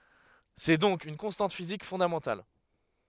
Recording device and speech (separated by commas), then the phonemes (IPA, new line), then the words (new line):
headset microphone, read sentence
sɛ dɔ̃k yn kɔ̃stɑ̃t fizik fɔ̃damɑ̃tal
C'est donc une constante physique fondamentale.